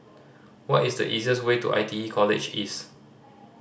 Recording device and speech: standing microphone (AKG C214), read sentence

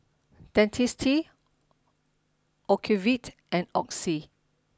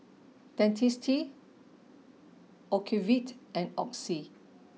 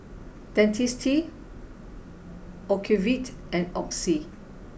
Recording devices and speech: standing microphone (AKG C214), mobile phone (iPhone 6), boundary microphone (BM630), read sentence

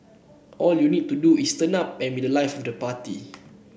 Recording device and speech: boundary microphone (BM630), read sentence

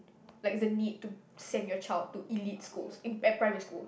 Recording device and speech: boundary microphone, conversation in the same room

